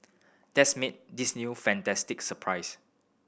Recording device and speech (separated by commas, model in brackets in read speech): boundary microphone (BM630), read sentence